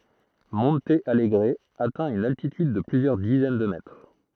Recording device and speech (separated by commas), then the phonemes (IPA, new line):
throat microphone, read sentence
mɔ̃t alɡʁ atɛ̃ yn altityd də plyzjœʁ dizɛn də mɛtʁ